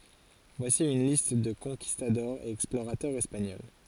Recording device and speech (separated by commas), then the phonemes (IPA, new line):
forehead accelerometer, read sentence
vwasi yn list də kɔ̃kistadɔʁz e ɛksploʁatœʁz ɛspaɲɔl